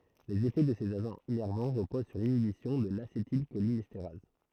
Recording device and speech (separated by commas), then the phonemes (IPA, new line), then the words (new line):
throat microphone, read sentence
lez efɛ də sez aʒɑ̃z inɛʁvɑ̃ ʁəpoz syʁ linibisjɔ̃ də lasetilʃolinɛsteʁaz
Les effets de ces agents innervants reposent sur l'inhibition de l'acétylcholinestérase.